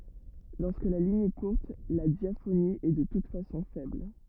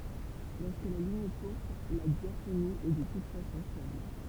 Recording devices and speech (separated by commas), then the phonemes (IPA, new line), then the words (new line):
rigid in-ear microphone, temple vibration pickup, read sentence
lɔʁskə la liɲ ɛ kuʁt la djafoni ɛ də tut fasɔ̃ fɛbl
Lorsque la ligne est courte, la diaphonie est de toute façon faible.